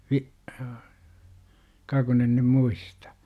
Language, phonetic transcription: Finnish, 'Vi- , ka kun en nym "muistA .
- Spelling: - ka kun en nyt muista

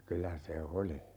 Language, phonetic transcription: Finnish, 'kylä se "oli .
- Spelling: kyllä se oli

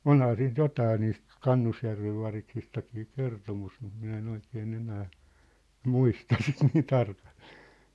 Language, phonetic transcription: Finnish, onhaa siint 'jotaa niist , "Kannusjärvev variksistakii 'kertomus mut 'minä e'n ‿oikee'n ‿enää , "muista sit nii 'tarkaʟʟᴇᴇ .
- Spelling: onhan siitä jotakin niistä Kannusjärven variksistakin kertomus mutta minä en oikein enää muista sitä niin tarkalleen

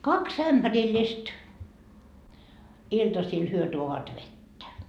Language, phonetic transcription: Finnish, 'kaks "ämBärillist , iltasil 'hyö tuovat "vettä .
- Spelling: kaksi ämpärillistä iltasilla he tuovat vettä

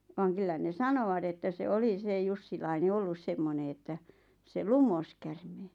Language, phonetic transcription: Finnish, vaaŋ 'kyllä ne "sanowat että se "oli se 'Jussilaine 'ollus semmone että , se "lumos kärmee .
- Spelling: vaan kyllä ne sanovat että se oli se Jussilainen ollut semmoinen että se lumosi käärmeen

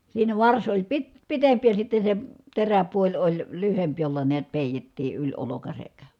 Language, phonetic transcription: Finnish, siinä vars oĺ pit- , pitempi ja sitte se , teräpuoĺ oĺ , lyhemp jolla niät pèitettii yĺ olokasek .
- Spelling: siinä varsi oli - pitempi ja sitten se teräpuoli oli lyhyempi jolla näet peitettiin yli olkansa

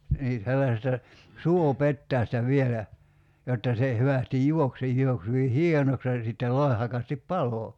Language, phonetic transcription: Finnish, nii , 'sellasesta , "suo'pettäästä 'vielä , jotta se , 'hyvästij "juok se 'j̀uoks hyvi "hienoks ja sittel 'loi̬hakastip "palo .
- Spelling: niin sellaisesta suopetäjästä vielä jotta se hyvästi juoksi se juoksi hyvin hienoksi ja sitten loihakasti paloi

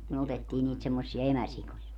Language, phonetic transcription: Finnish, myö 'otettii niit semmossia 'emäsikoja .
- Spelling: me otettiin niitä semmoisia emäsikoja

